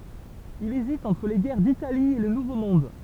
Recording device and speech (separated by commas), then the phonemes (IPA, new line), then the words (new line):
temple vibration pickup, read sentence
il ezit ɑ̃tʁ le ɡɛʁ ditali e lə nuvo mɔ̃d
Il hésite entre les guerres d'Italie et le Nouveau Monde.